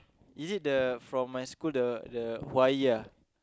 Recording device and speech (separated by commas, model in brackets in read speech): close-talking microphone, conversation in the same room